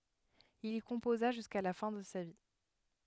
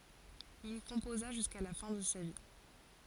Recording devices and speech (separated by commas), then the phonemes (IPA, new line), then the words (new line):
headset microphone, forehead accelerometer, read sentence
il i kɔ̃poza ʒyska la fɛ̃ də sa vi
Il y composa jusqu’à la fin de sa vie.